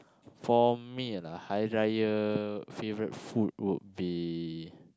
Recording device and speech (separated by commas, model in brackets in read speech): close-talking microphone, conversation in the same room